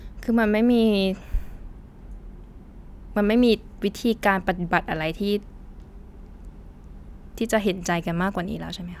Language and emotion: Thai, frustrated